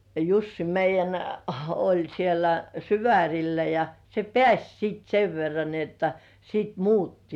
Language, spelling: Finnish, ja Jussi meidän oli siellä Syvärillä ja se pääsi sitten sen verran niin jotta sitten muutti
- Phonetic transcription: ja "Jussi 'meij̆jän , oĺ 'siellä "Syväŕillä ja , se "pĕäś sìt 'sev verran ni ‿otta sìt "muutti .

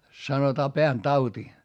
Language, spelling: Finnish, sanotaan pääntauti
- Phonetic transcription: sanotaa peäntauti .

